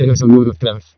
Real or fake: fake